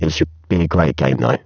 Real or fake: fake